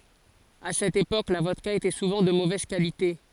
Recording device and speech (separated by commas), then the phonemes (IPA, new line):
forehead accelerometer, read sentence
a sɛt epok la vɔdka etɛ suvɑ̃ də movɛz kalite